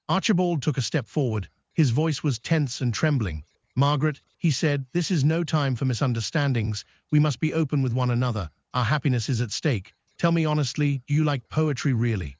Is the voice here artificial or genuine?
artificial